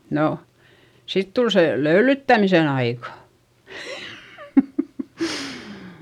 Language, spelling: Finnish, no sitten tuli se löylyttämisen aika
- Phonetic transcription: no , sit tul se , löylyttämisen ‿aika .

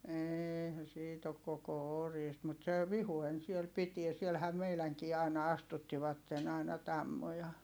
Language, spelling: Finnish, eihän siitä ole koko oriista mutta se Vihuen siellä pitää siellähän meidänkin aina astuttivat aina tammoja
- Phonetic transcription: eeihä siit ‿ok koko oriist(.) mut se , Vihuen siel pitie - sielhä meiläŋkii ài̮na astuttivatten aina tammoja .

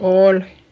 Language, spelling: Finnish, oli
- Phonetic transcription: oolI .

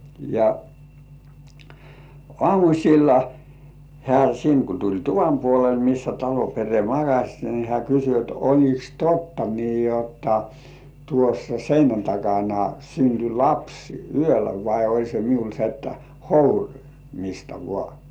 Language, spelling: Finnish, ja aamulla hän sinne kun tuli tuvan puolelle missä talon perhe makasi niin hän kysyi että oliko totta niin jotta tuossa seinän takana syntyi lapsi yöllä vai oli se minulla se että hourimista vain
- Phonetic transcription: ja , "ŏàmuśilla , 'hĕä̀ siŋ ku tuĺ "tuvam 'puolel missä talo pere 'makaś ni hĕä̀ kysy et » 'oĺiks "totta nii jotta , tuossa 'seinän takana synty "lapsi 'yöllä vai oĺ se 'miul se että , "hourimista 'vŏà « .

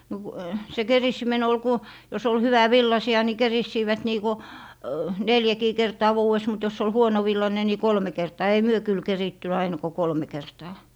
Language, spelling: Finnish, no kun se keritseminen oli kun jos oli hyvävillaisia niin keritsivät niin kuin neljäkin kertaa vuodessa mutta jos oli huonovillainen niin kolme kertaa ei me kyllä keritty aina kuin kolme kertaa
- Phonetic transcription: no ku , se "kerissimen ‿ol 'ku , jos ‿ol 'hyvä"villasi₍a ni 'kerissiivät 'nii ku , "neljäkii 'kertaa 'vuu₍es mut jos ‿ol "huonovillane ni "kolme 'kertaa ei "myö kyl 'keritty aina ko 'kolme 'kertaa .

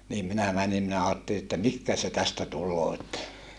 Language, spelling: Finnish, niin minä menin minä ajattelin että mihin se tästä tulee että
- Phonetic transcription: » » niim minä mänim minä aatteli että (mihkä) se tästä tulloo että , . »

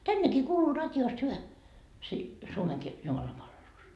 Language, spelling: Finnish, tännekin kuuluu radiosta hyvä - Suomenkin jumalanpalvelus
- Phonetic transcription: "tännekii kuuluu 'rat́joost hyvä , si- , 'Suomeŋki , 'jumalampalvelus .

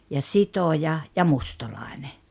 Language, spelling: Finnish, ja sitoja ja mustalainen
- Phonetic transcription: ja "sitoja , ja "mustalàene .

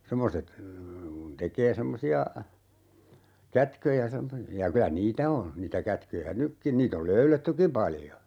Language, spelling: Finnish, semmoiset kun tekee semmoisia kätköjä ja - ja kyllä niitä on niitä kätköjä nytkin niitä on löydettykin paljon
- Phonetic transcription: 'semmoset , kun 'tek̀ee 'semmosi₍a , "kätköjä (ja) 'semmo- , ja 'kylä "niitä o , niitä 'kätköjä "nykkin 'niit ‿ol "löylettyki 'paljo .

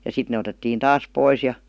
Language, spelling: Finnish, ja sitten ne otettiin taas pois ja
- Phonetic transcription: ja 'sit ne otettiin "taas "pois ja ,.

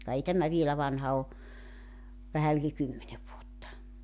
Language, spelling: Finnish, ka ei tämä vielä vanha ole vähän yli kymmenen vuotta
- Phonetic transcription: ka 'ei 'tämä 'vielä 'vanha o , 'vähä yli "kymmene vuotta .

